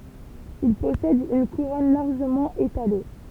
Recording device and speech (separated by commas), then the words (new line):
temple vibration pickup, read sentence
Il possède une couronne largement étalée.